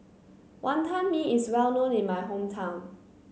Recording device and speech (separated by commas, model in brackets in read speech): mobile phone (Samsung C9), read sentence